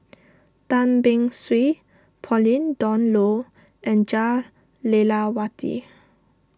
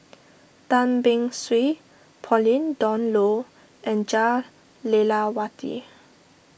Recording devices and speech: standing microphone (AKG C214), boundary microphone (BM630), read sentence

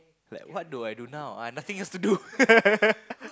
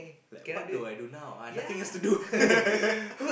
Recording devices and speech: close-talking microphone, boundary microphone, conversation in the same room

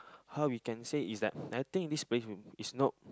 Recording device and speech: close-talking microphone, conversation in the same room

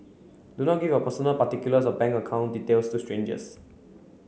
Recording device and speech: mobile phone (Samsung C9), read sentence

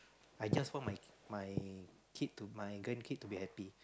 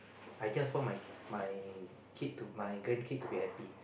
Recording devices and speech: close-talking microphone, boundary microphone, conversation in the same room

